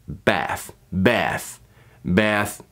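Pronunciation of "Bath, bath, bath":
'Bath' is said three times in an American accent.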